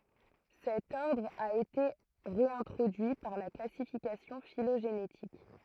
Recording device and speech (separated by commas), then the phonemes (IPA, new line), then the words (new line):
throat microphone, read sentence
sɛt ɔʁdʁ a ete ʁeɛ̃tʁodyi paʁ la klasifikasjɔ̃ filoʒenetik
Cet ordre a été réintroduit par la classification phylogénétique.